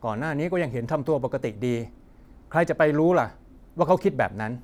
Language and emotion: Thai, frustrated